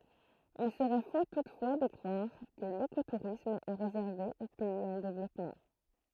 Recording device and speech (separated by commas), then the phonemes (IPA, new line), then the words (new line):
throat microphone, read sentence
il səʁɛ fo tutfwa də kʁwaʁ kə lekotuʁism ɛ ʁezɛʁve o pɛiz ɑ̃ devlɔpmɑ̃
Il serait faux toutefois de croire que l'écotourisme est réservé aux pays en développement.